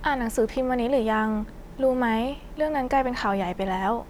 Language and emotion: Thai, neutral